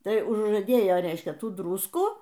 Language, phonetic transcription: Lithuanian, ˈtai užžaˈdėjo ˈreiškia ˈtų ˈdruskų

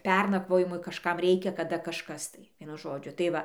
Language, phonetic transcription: Lithuanian, ˈpernakvojimui kažˈkam ˈreikia kaˈda kažˈkas tai ˈvienu ˈžodžiu tai ˈva

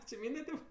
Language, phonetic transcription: Lithuanian, či ˈmynde tėp

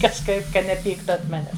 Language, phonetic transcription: Lithuanian, kažˈkaip ˈka neˈpyktu ant ˈmanes

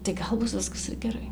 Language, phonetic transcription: Lithuanian, tai ˈgal ˈbus ˈviskas ir geˈrai

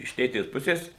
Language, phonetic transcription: Lithuanian, iš ˈtėtės ˈpusės

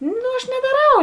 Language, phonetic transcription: Lithuanian, no aš nedaˈrau

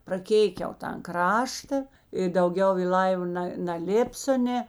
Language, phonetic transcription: Lithuanian, praˈkėikiau tan ˈkrašta i dauˈgiau i ˈlaiva ˈna naˈlėpsio ˈnė

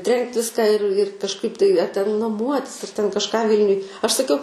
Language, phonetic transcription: Lithuanian, ˈtrenkt ˈviską ir ir kažˈkaip tai a ten naˈmuotis ar ten kažˈką ˈvilniuj aš saˈkiau

